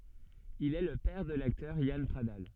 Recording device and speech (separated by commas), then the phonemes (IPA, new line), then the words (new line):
soft in-ear microphone, read sentence
il ɛ lə pɛʁ də laktœʁ jan pʁadal
Il est le père de l'acteur Yann Pradal.